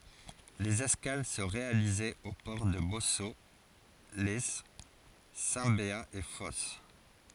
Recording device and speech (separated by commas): forehead accelerometer, read sentence